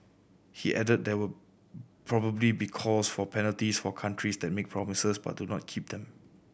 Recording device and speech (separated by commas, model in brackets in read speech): boundary microphone (BM630), read sentence